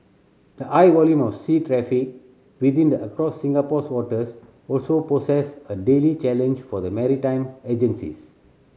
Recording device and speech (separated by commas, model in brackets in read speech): mobile phone (Samsung C7100), read sentence